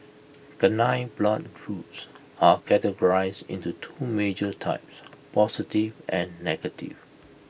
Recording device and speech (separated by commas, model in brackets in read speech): boundary microphone (BM630), read sentence